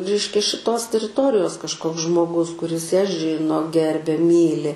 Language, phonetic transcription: Lithuanian, ˈreiškia šiˈtos teriˈtorijos kažˈkoks žmoˈgus kuˈris ją ˈžino ˈgerbia ˈmyli

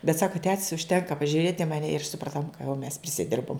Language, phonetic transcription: Lithuanian, bet ˈsaka tet's' užˈtenka pažiuˈrėt' i maˈne ir supraˈtom ka jau mes prisiˈdirbom

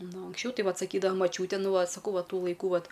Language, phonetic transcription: Lithuanian, ˈnu anksˈčiau ˈtai ˈvat saˈkydava maˈčiūte ˈnu ˈva saˈkau ˈva ˈtų laiˈkų ˈvat

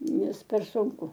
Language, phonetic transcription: Lithuanian, ˈnes per sunˈku

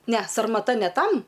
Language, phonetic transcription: Lithuanian, ne sarmaˈta ne ˈtam

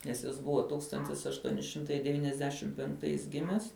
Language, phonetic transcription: Lithuanian, nes ˈjis ˈbuva ˈtūkstantis ašˈtuoni ˈšimtai deˈvyniasdešim penkˈtais ˈgimes

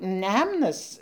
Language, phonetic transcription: Lithuanian, ˈnemnas

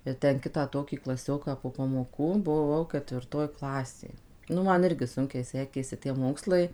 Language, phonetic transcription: Lithuanian, ir ˈten ˈkitą ˈtokį klaˈsioką po pamoˈkų buˈvau kətvirˈtoj ˈklasė ˈnu ˈman ˈirgi ˈsunkiai ˈsekėsi tie ˈmokslai

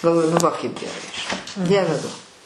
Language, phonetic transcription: Lithuanian, galˈvoju nu ˈva kaip geˈrai žiˈnai ˈdieve ˈduo

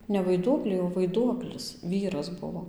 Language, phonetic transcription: Lithuanian, ne vaiˈduokliai o vaiˈduoklis ˈvyras ˈbuvo

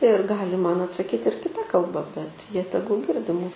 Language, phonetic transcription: Lithuanian, ir ˈgali ˈman atsaˈkyt' ir kiˈta kalˈba bet ˈjie ˈtegul ˈgirdi ˈmūs

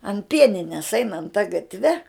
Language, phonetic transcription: Lithuanian, an ˈpienines ˈeinant ta gatˈve

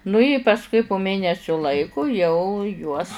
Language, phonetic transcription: Lithuanian, nu i pasˈkui pu ˈmėnesiu ˈlaiku jau juos

